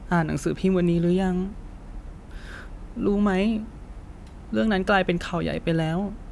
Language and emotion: Thai, sad